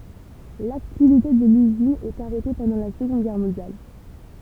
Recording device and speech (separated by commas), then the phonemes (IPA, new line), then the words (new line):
temple vibration pickup, read sentence
laktivite də lyzin ɛt aʁɛte pɑ̃dɑ̃ la səɡɔ̃d ɡɛʁ mɔ̃djal
L'activité de l'usine est arrêtée pendant la Seconde Guerre mondiale.